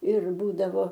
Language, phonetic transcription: Lithuanian, ir ˈbūdavo

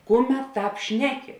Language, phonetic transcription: Lithuanian, ˈkuˌmet ˈtāp ˈšneˌki

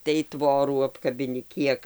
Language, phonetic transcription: Lithuanian, tai ˈtvorų apkabiˈni ˈkiek

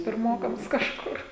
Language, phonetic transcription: Lithuanian, pirˈmokams kažˈkur

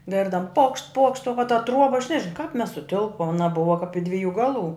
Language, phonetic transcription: Lithuanian, ˈgirdam pokšt pokšt o va ta ˈtruoba aš nežiˈnau kap mes suˈtilpom aˈna ˈbuva kap i ˈdviˌjų ˈgaˌlų

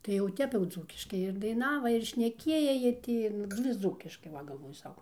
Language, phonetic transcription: Lithuanian, tai jau ˈtep jau ˈdzūkiškai ir daiˈnava ir šneˈkieja jie ˈti ˈnu vis ˈdzūkiškai ˈva galˈvoju ˈsau

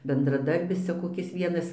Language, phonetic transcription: Lithuanian, bendraˈdarbis ˈcia koˈkis ˈvienas

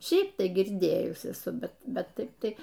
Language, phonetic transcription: Lithuanian, ˈšiaip ˈtai girˈdėjus eˈsu ˈbet ˈbet ˈtaip ˈtai

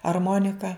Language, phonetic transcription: Lithuanian, arˈmonika

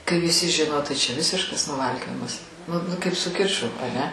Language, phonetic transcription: Lithuanian, kai viˈsi ˈžino tai čia ˈvisiškas nuˈvalkiojimas nu nu kaip su ˈkiču aˈne

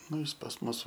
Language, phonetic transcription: Lithuanian, ˈnu ˈjis pas ˈmus

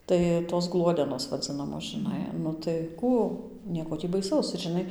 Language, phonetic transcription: Lithuanian, ˈtai tos ˈgluodenos vaˈdzinamos žɨˈnai nu tai ˈkų ˈnieko ˈtį baiˈsaus ir žiˈnai

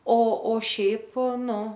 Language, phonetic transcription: Lithuanian, o o ˈšiaip ˈnu

